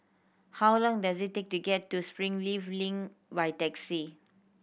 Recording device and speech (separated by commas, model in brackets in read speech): boundary microphone (BM630), read sentence